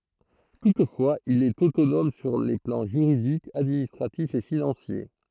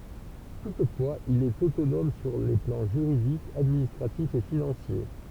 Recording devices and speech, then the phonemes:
throat microphone, temple vibration pickup, read sentence
tutfwaz il ɛt otonɔm syʁ le plɑ̃ ʒyʁidik administʁatif e finɑ̃sje

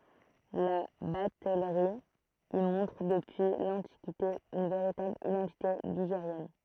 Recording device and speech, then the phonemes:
throat microphone, read sentence
la batɛlʁi i mɔ̃tʁ dəpyi lɑ̃tikite yn veʁitabl idɑ̃tite liʒeʁjɛn

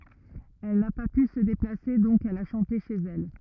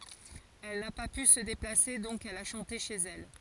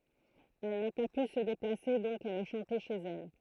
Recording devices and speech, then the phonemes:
rigid in-ear microphone, forehead accelerometer, throat microphone, read sentence
ɛl na pa py sə deplase dɔ̃k ɛl a ʃɑ̃te ʃez ɛl

